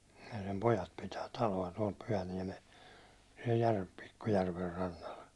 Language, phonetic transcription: Finnish, ja sem 'pojat pitää 'talo₍a tuål 'Pyhäniɛmes , siɛl jär- , 'pikku järver rannal .
- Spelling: ja sen pojat pitää taloa tuolla Pyhäniemessä siellä - pikku järven rannalla

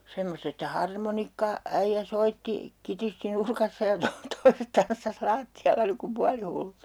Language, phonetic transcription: Finnish, 'semmost ‿että "harmonikka- , '-äijjä 'soitti , 'kitisti 'nurkassa ja to - toiset 'tanssas "laatti₍alla niŋ kum 'pualihullut .
- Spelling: semmoista että - harmonikkaäijä soitti kitisti nurkassa ja - toiset tanssasi lattialla niin kuin puolihullut

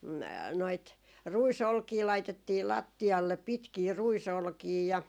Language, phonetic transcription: Finnish, 'noit 'rui"solkii 'laitettii "latti₍allep 'pitkii 'ruisolkii ja ,.
- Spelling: noita ruisolkia laitettiin lattialle pitkiä ruisolkia ja

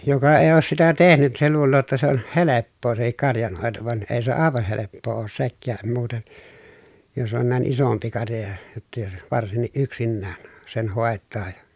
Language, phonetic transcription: Finnish, joka èi̮ oos sitä tehnyt se luulloo jotta se ‿on heleppoo sehik karjanhòeto van ee se àevah heleppoo oos sekkääm muuten , jos on nä̀en isompi karja ja , jottᵃ jos , varsinniʼ ʼyksinnään , sen hòet̆taa ja .
- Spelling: joka ei ole sitä tehnyt se luulee jotta se on helppoa sekin karjanhoito vaan ei se aivan helppoa ole sekään muuten jos on näin isompi karja ja jotta jos varsinkin yksinään sen hoitaa ja

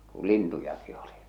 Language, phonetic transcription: Finnish, ku 'lintujaki oli .
- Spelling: kun lintujakin oli

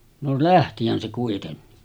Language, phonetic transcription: Finnish, no 'lähtihän se kuitenni .
- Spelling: no lähtihän se kuitenkin

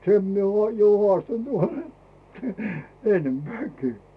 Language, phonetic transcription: Finnish, 'sem mie ᵘò jo 'hᵒàstant varem , 'ennempᵉä̀kii .
- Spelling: sen minä olen jo haastanut varhemmin ennempänäkin

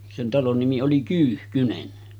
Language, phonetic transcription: Finnish, sen 'talon nimi oli 'Kyyhkynen .
- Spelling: sen talon nimi oli Kyyhkynen

